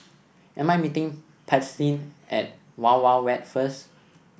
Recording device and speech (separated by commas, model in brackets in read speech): boundary microphone (BM630), read sentence